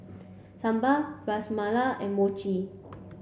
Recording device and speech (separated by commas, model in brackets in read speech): boundary microphone (BM630), read sentence